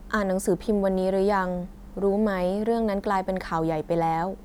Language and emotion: Thai, neutral